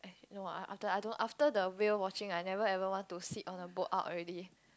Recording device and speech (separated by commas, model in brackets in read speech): close-talking microphone, conversation in the same room